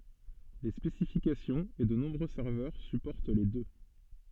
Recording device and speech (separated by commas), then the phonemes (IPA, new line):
soft in-ear microphone, read sentence
le spesifikasjɔ̃z e də nɔ̃bʁø sɛʁvœʁ sypɔʁt le dø